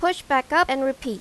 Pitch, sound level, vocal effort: 270 Hz, 90 dB SPL, loud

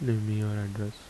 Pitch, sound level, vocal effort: 105 Hz, 74 dB SPL, soft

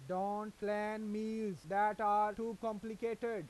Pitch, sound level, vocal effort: 210 Hz, 95 dB SPL, loud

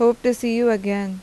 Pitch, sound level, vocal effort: 235 Hz, 86 dB SPL, normal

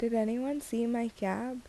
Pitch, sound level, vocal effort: 235 Hz, 78 dB SPL, soft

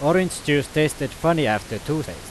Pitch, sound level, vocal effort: 150 Hz, 93 dB SPL, very loud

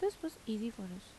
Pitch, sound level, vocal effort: 225 Hz, 80 dB SPL, soft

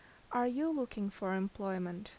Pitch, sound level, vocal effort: 200 Hz, 79 dB SPL, normal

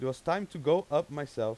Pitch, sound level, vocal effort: 150 Hz, 93 dB SPL, loud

